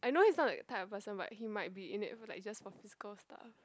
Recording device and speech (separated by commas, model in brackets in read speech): close-talking microphone, conversation in the same room